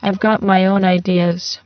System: VC, spectral filtering